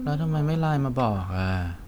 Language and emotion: Thai, frustrated